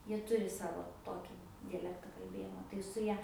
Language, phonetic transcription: Lithuanian, ˈjie ˈturi ˈsavo ˈtoki diaˈlekta kalˈbėjimo tai su ˈja

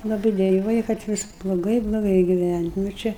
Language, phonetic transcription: Lithuanian, laˈbɨi deˈjuoja kad ˈvis bloˈgai bloˈgai giˈvænt' nu ˈčia

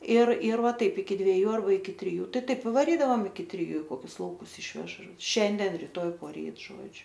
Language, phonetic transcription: Lithuanian, ir ir ˈva ˈtaip iki dvieˈjų arˈba iki triˈjų ˈtai ˈtaip i vaˈrydavam iki triˈjų i ˈkokius lauˈkus ˈišvež ˈšianden riˈtoj poˈryt ˈžodžiu

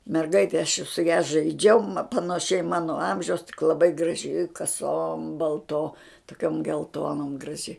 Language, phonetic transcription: Lithuanian, merˈgaitė aš su ja žaiˈdžiau ma panaˈšiai ˈmano ˈamžiaus tik laˈbai graˈži kaˈsom balˈto toˈkiom gelˈtonom graˈži

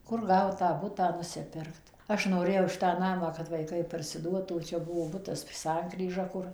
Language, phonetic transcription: Lithuanian, ˈkur ˈgaut tą ˈbutą nusiˈpirkt ˈaš noˈrėjau ˈšitą ˈnamą kad vaiˈkai parsiˈduotų ˈčia ˈbuvo ˈbutas ˈsankryža ˈkur

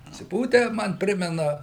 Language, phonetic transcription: Lithuanian, atsiˈpūtę ˈman ˈprimena

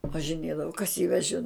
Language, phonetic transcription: Lithuanian, važiˈnėdavo kas jį veˈžin

